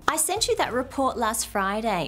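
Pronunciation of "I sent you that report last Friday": The intonation goes down at the end of the sentence, so the voice falls rather than rising at the end of 'last Friday'.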